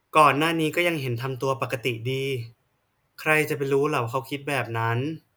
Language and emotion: Thai, neutral